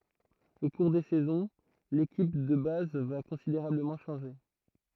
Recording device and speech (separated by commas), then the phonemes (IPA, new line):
throat microphone, read sentence
o kuʁ de sɛzɔ̃ lekip də baz va kɔ̃sideʁabləmɑ̃ ʃɑ̃ʒe